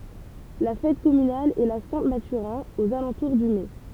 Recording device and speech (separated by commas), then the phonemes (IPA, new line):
temple vibration pickup, read sentence
la fɛt kɔmynal ɛ la sɛ̃ matyʁɛ̃ oz alɑ̃tuʁ dy mɛ